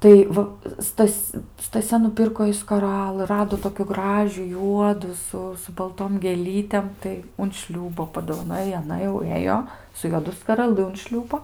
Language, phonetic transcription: Lithuanian, ˈtai va ˈstas' staˈsia nuˈpirko jai skaˈralɨ ˈrado tokiu ˈgražių ˈjuodų su su balˈtom gėˈlytėm tai un ˈšliūbo padovaˈnoj i aˈna jau ˈėjo su juoˈdu skaraˈlɨ un ˈšliūbo

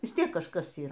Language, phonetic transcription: Lithuanian, vis ˈtiek kažˈkas ˈyr

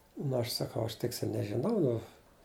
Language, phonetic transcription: Lithuanian, ˈnu aš saˈkau aš ˈtiksi nežiˈnau ˈnu

